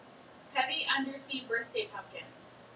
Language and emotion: English, neutral